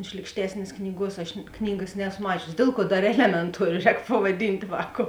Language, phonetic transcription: Lithuanian, ˈšlykštesnės ˈknyˌguos aš ˈknygas ˈnēso ˈmačiusi ˈdėl ˌkuo ˈdar ˈelemenˌtuorio ˈrēk pavaˈdynt' ˈvākou

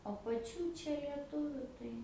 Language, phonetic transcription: Lithuanian, o paˈčių ˈčia lieˈtuviu tai

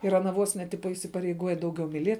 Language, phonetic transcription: Lithuanian, ir aˈna ˈvos ne ˈtipa isipareiˈguoja ˈdauˌgiau miˈlie

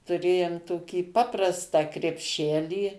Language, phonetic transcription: Lithuanian, tuˈrėjum toˈkį ˈpaprastą krepˈšelį

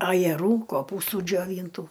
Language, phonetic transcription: Lithuanian, ajeˈrų koˈpūstų džioˈvyntų

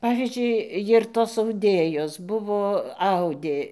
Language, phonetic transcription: Lithuanian, ˈpavyzdžiui ˈjir tos auˈdėjos ˈbuvo ˈaudė

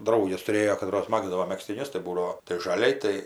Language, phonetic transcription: Lithuanian, ˈdrauges tuˈrėjo kaˈtros ˈmagzdavo megztiˈnius tai ˈbūdavo tai žaˈliai ˈtai

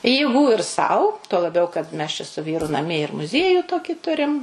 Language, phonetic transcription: Lithuanian, jėˈgų ir ˈsau tuo laˈbiau kad ˈmes čia su ˈvyru naˈmie ir muˈziejų ˈtokį ˈturim

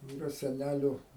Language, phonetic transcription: Lithuanian, iˈra seˈnæliu

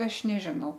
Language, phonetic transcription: Lithuanian, ˈaš neˈžinau

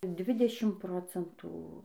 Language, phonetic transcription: Lithuanian, ˈdvidešim ˈprocentų

